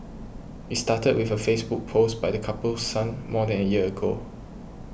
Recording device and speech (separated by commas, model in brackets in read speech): boundary microphone (BM630), read sentence